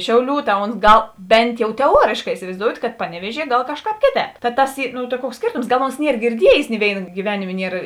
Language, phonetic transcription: Lithuanian, ˈšiauˌlių ta ons ˈgal ˈbent jau teˈuorėškā isivai'zdout' kad ˈpaneˌviežie ˈgal ˈkašˌkāp ˈkėˌtēp ta ˈtas ˈy no ta ˈkuoks ˈskėrtoms ˈgal ons ˈnier girˈdiejės ni ˈvėina gyˈvenimė ˈnier

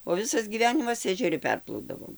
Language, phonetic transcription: Lithuanian, o ˈvisas gyˈvenimas ežeˈri ˈperplaudavom

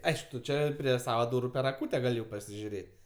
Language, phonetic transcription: Lithuanian, ˈaišk tu ˈčia prie ˈsava ˈdūru jau per aˈkūte ˈgal' jau pasižiuˈrėt'

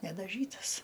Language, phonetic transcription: Lithuanian, nedaˈžytas

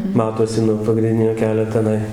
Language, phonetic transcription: Lithuanian, ˈmatosi nuo pagrinˈdinio ˈkelio teˈnai

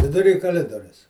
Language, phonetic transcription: Lithuanian, viduˈry kaˈlidorius

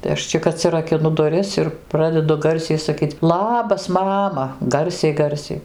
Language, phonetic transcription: Lithuanian, tai ˈaš čik atsirakiˈnu duˈris ir ˈpradedu ˈgarsiai saˈkyc ˈlabas ˈmama ˈgarsiai ˈgarsiai

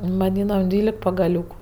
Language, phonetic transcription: Lithuanian, vaˈdynam ˈdvylek pagaˈliūku

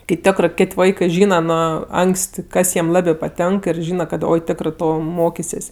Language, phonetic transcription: Lithuanian, kai ˈtiokrɜ ˈkėt' ˈvaikɜ ˈžynaˈnu ˈanks't' ˈkas jiem ˈlabė paˈtenk ir ˈžyna kad ˈoi ˈtekrɜ ˈto ˈmokisės'

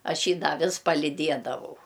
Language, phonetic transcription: Lithuanian, ˈaš ˈjį ˈda ˈvis palyˈdiedavau

